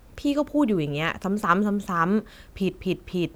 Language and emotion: Thai, frustrated